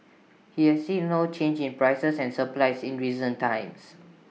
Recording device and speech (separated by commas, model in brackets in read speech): mobile phone (iPhone 6), read sentence